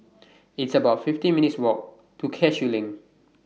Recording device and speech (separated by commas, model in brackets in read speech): mobile phone (iPhone 6), read sentence